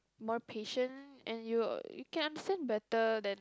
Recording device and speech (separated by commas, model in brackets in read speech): close-talking microphone, conversation in the same room